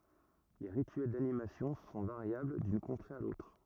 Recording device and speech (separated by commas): rigid in-ear microphone, read sentence